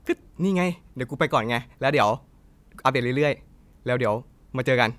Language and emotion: Thai, happy